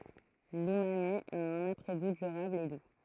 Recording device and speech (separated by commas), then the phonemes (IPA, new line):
throat microphone, read sentence
lymami a œ̃n apʁɛ ɡu dyʁabl e du